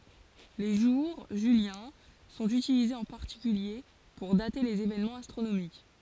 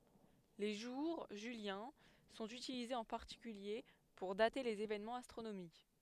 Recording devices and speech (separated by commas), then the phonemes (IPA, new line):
forehead accelerometer, headset microphone, read sentence
le ʒuʁ ʒyljɛ̃ sɔ̃t ytilizez ɑ̃ paʁtikylje puʁ date lez evenmɑ̃z astʁonomik